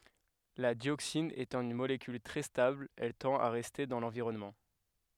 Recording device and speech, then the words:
headset microphone, read sentence
La dioxine étant une molécule très stable, elle tend à rester dans l'environnement.

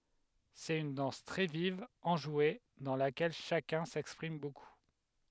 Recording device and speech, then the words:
headset microphone, read sentence
C'est une danse très vive, enjouée, dans laquelle chacun s'exprime beaucoup.

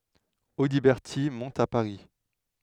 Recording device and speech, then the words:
headset microphone, read sentence
Audiberti monte à Paris.

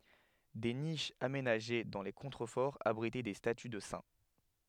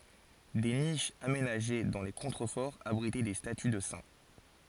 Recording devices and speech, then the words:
headset microphone, forehead accelerometer, read sentence
Des niches aménagées dans les contreforts abritaient des statues de saints.

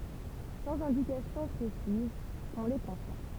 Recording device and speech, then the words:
temple vibration pickup, read sentence
Sans indications précises, on les confond.

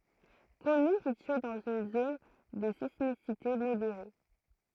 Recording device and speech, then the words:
throat microphone, read sentence
Commune située dans une zone de sismicité modérée.

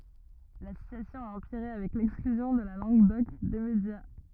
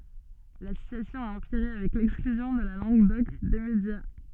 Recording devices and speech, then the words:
rigid in-ear microphone, soft in-ear microphone, read sentence
La situation a empiré avec l'exclusion de la langue d'oc des médias.

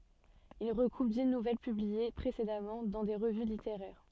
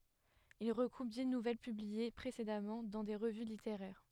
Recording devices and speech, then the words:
soft in-ear microphone, headset microphone, read sentence
Il regroupe dix nouvelles publiées précédemment dans des revues littéraires.

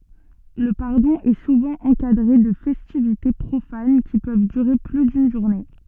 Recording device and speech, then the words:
soft in-ear microphone, read sentence
Le pardon est souvent encadré de festivités profanes qui peuvent durer plus d'une journée.

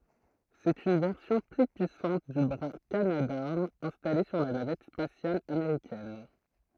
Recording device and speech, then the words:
throat microphone, read sentence
C'est une version plus puissante du bras Canadarm installé sur la navette spatiale américaine.

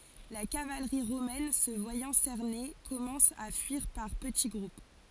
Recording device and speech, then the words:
forehead accelerometer, read sentence
La cavalerie romaine, se voyant cernée, commence à fuir par petits groupes.

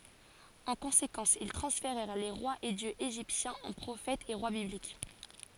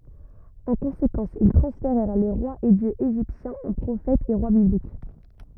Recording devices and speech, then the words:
forehead accelerometer, rigid in-ear microphone, read sentence
En conséquence, ils transférèrent les rois et dieux égyptiens en prophètes et rois bibliques.

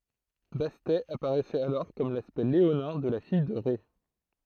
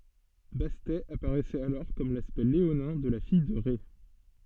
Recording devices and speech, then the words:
throat microphone, soft in-ear microphone, read sentence
Bastet apparaissait alors comme l'aspect léonin de la fille de Rê.

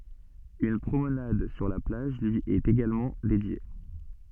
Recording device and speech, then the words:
soft in-ear microphone, read sentence
Une promenade sur la plage lui est également dédiée.

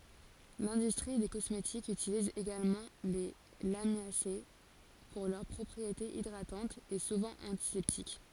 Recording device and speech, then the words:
forehead accelerometer, read sentence
L'industrie des cosmétiques utilise également les Lamiacées pour leurs propriétés hydratantes et souvent antiseptiques.

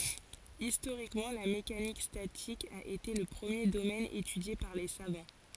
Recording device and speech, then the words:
forehead accelerometer, read sentence
Historiquement, la mécanique statique a été le premier domaine étudié par les savants.

